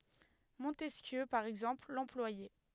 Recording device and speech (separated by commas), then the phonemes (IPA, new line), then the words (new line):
headset microphone, read sentence
mɔ̃tɛskjø paʁ ɛɡzɑ̃pl lɑ̃plwajɛ
Montesquieu, par exemple, l'employait.